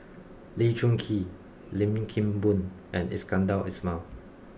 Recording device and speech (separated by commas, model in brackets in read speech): boundary microphone (BM630), read sentence